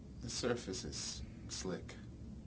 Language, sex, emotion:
English
male
neutral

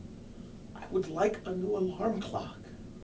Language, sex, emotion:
English
male
sad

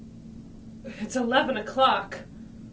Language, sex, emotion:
English
female
fearful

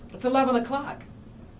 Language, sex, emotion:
English
female
happy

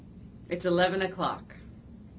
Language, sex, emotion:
English
female
neutral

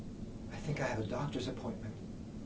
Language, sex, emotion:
English
male
neutral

